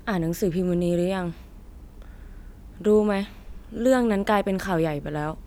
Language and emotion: Thai, frustrated